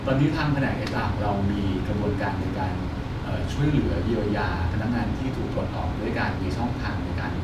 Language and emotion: Thai, neutral